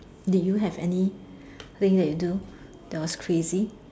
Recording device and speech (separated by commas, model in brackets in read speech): standing microphone, conversation in separate rooms